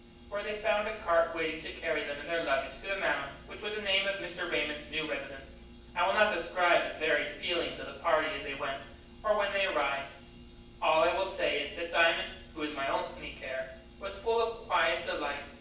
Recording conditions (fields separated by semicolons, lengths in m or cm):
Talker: one person; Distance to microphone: 9.8 m; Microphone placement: far; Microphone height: 1.8 m; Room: large; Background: none